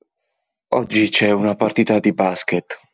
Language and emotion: Italian, sad